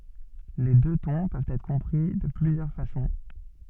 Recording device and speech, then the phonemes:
soft in-ear microphone, read sentence
le dø tɔ̃ pøvt ɛtʁ kɔ̃pʁi də plyzjœʁ fasɔ̃

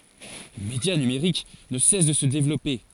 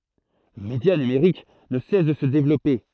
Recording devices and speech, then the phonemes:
forehead accelerometer, throat microphone, read sentence
lə medja nymʁik nə sɛs də sə devlɔpe

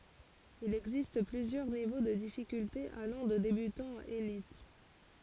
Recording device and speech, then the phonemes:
forehead accelerometer, read sentence
il ɛɡzist plyzjœʁ nivo də difikyltez alɑ̃ də debytɑ̃ a elit

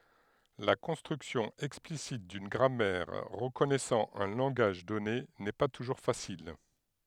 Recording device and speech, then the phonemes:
headset microphone, read sentence
la kɔ̃stʁyksjɔ̃ ɛksplisit dyn ɡʁamɛʁ ʁəkɔnɛsɑ̃ œ̃ lɑ̃ɡaʒ dɔne nɛ pa tuʒuʁ fasil

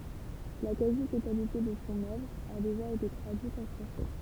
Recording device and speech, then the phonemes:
temple vibration pickup, read sentence
la kazi totalite də sɔ̃ œvʁ a deʒa ete tʁadyit ɑ̃ fʁɑ̃sɛ

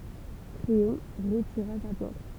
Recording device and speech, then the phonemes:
temple vibration pickup, read sentence
kleɔ̃ ʁətiʁa sa plɛ̃t

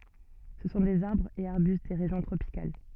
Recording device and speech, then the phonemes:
soft in-ear microphone, read sentence
sə sɔ̃ dez aʁbʁz e aʁbyst de ʁeʒjɔ̃ tʁopikal

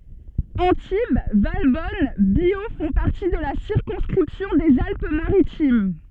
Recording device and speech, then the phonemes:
soft in-ear microphone, read sentence
ɑ̃tib valbɔn bjo fɔ̃ paʁti də la siʁkɔ̃skʁipsjɔ̃ dez alp maʁitim

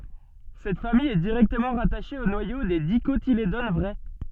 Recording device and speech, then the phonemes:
soft in-ear microphone, read sentence
sɛt famij ɛ diʁɛktəmɑ̃ ʁataʃe o nwajo de dikotiledon vʁɛ

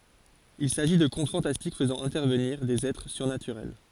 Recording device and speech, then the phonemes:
forehead accelerometer, read sentence
il saʒi də kɔ̃t fɑ̃tastik fəzɑ̃ ɛ̃tɛʁvəniʁ dez ɛtʁ syʁnatyʁɛl

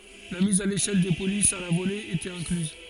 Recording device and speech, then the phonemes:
forehead accelerometer, read sentence
la miz a leʃɛl de polisz a la vole etɛt ɛ̃klyz

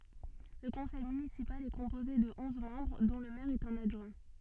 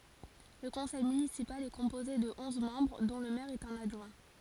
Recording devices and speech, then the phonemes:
soft in-ear microphone, forehead accelerometer, read sentence
lə kɔ̃sɛj mynisipal ɛ kɔ̃poze də ɔ̃z mɑ̃bʁ dɔ̃ lə mɛʁ e œ̃n adʒwɛ̃

